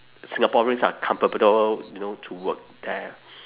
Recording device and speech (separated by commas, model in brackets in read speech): telephone, conversation in separate rooms